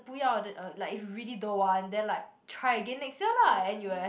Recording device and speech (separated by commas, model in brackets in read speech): boundary microphone, conversation in the same room